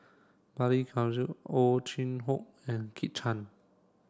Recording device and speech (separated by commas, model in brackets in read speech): standing microphone (AKG C214), read sentence